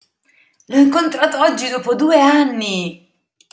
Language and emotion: Italian, surprised